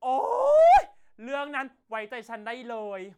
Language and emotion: Thai, happy